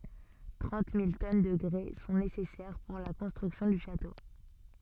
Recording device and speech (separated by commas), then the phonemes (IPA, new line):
soft in-ear microphone, read sentence
tʁɑ̃t mil tɔn də ɡʁɛ sɔ̃ nesɛsɛʁ puʁ la kɔ̃stʁyksjɔ̃ dy ʃato